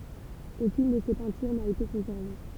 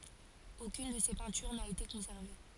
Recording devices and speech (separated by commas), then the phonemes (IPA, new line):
temple vibration pickup, forehead accelerometer, read sentence
okyn də se pɛ̃tyʁ na ete kɔ̃sɛʁve